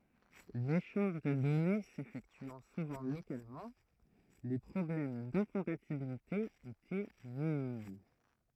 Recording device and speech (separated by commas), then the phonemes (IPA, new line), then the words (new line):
throat microphone, read sentence
leʃɑ̃ʒ də dɔne sefɛktyɑ̃ suvɑ̃ lokalmɑ̃ le pʁɔblɛm dɛ̃kɔ̃patibilite etɛ minim
L'échange de données s'effectuant souvent localement, les problèmes d'incompatibilité étaient minimes.